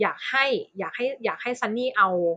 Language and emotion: Thai, neutral